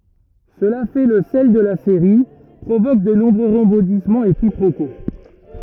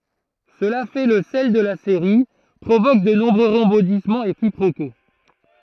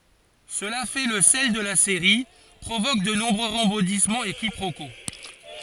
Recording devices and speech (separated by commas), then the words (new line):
rigid in-ear microphone, throat microphone, forehead accelerometer, read sentence
Cela fait le sel de la série, provoque de nombreux rebondissements et quiproquos.